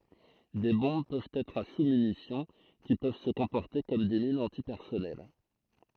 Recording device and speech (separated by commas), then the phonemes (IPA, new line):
throat microphone, read sentence
de bɔ̃b pøvt ɛtʁ a susmynisjɔ̃ ki pøv sə kɔ̃pɔʁte kɔm de minz ɑ̃tipɛʁsɔnɛl